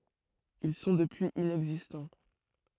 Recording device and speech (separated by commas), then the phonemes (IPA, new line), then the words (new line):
throat microphone, read sentence
il sɔ̃ dəpyiz inɛɡzistɑ̃
Ils sont depuis inexistants.